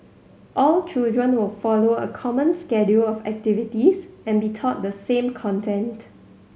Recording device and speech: mobile phone (Samsung C7100), read sentence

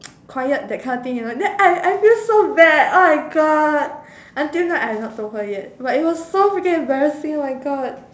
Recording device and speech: standing microphone, conversation in separate rooms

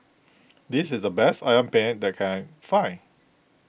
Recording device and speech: boundary microphone (BM630), read sentence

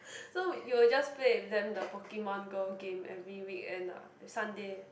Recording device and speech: boundary microphone, conversation in the same room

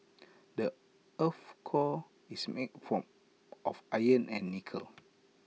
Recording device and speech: mobile phone (iPhone 6), read sentence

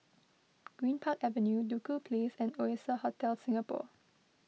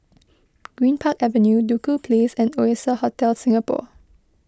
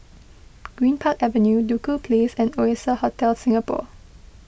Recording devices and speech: mobile phone (iPhone 6), close-talking microphone (WH20), boundary microphone (BM630), read sentence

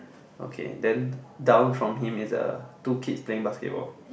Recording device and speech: boundary microphone, conversation in the same room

